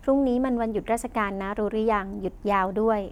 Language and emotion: Thai, neutral